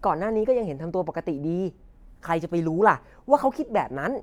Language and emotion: Thai, happy